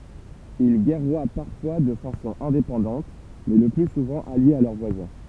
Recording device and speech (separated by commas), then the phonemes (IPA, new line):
temple vibration pickup, read sentence
il ɡɛʁwa paʁfwa də fasɔ̃ ɛ̃depɑ̃dɑ̃t mɛ lə ply suvɑ̃ aljez a lœʁ vwazɛ̃